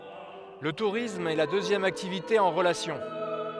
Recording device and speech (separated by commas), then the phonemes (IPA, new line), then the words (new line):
headset microphone, read sentence
lə tuʁism ɛ la døzjɛm aktivite ɑ̃ ʁəlasjɔ̃
Le tourisme est la deuxième activité en relation.